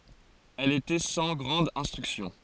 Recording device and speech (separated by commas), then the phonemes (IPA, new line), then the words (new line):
forehead accelerometer, read sentence
ɛl etɛ sɑ̃ ɡʁɑ̃d ɛ̃stʁyksjɔ̃
Elle était sans grande instruction.